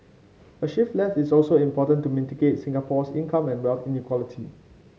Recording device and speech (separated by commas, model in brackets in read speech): mobile phone (Samsung C5), read sentence